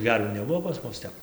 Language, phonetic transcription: Lithuanian, ˈgervių neˈbuvo pas ˈmus ˈtep

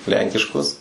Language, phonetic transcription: Lithuanian, ˈlenkiškus

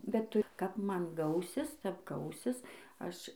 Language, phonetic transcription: Lithuanian, bet ˈtu kap ˈman ˈgausis tep ˈgausis ˈaš

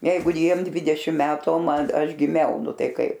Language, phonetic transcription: Lithuanian, ˈjeigu ˈjiem ˈdvidešim ˈmetu o ˈman ˈaš giˈmiau ˈnu ˈtai ˈkaip

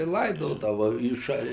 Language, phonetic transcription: Lithuanian, i ˈlaidodava į ˈšal'

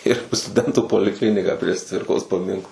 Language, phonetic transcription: Lithuanian, ir stuˈdentų poliˈkliniką prieš ˈcvirkos paˈminklą

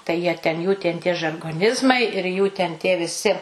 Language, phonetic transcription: Lithuanian, tai jie ˈten jų ten tie žargoˈnizmai ir jų ten tie viˈsi

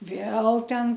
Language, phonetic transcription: Lithuanian, ˈvėl ˈten

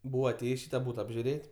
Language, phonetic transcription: Lithuanian, ˈbūva aˈtėjs' ˈšyta ˈbūta apžiuˈrėt'

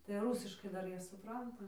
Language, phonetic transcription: Lithuanian, tai ˈrūsiškai ˈdar ˈjie suˈpranta

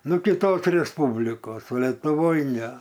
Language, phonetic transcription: Lithuanian, nu kiˈtos resˈpūblikos o letuˈvoj ne

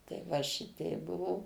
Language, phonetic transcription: Lithuanian, tai ˈva ˈšiteip ˈbuvo

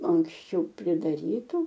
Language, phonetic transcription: Lithuanian, anksˈčiau pridaˈrytu

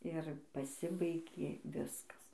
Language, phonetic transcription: Lithuanian, ir paˈsibaigė ˈviskas

